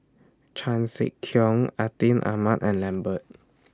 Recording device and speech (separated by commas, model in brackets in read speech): standing microphone (AKG C214), read sentence